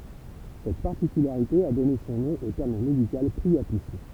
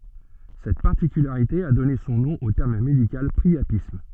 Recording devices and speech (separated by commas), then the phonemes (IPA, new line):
temple vibration pickup, soft in-ear microphone, read sentence
sɛt paʁtikylaʁite a dɔne sɔ̃ nɔ̃ o tɛʁm medikal pʁiapism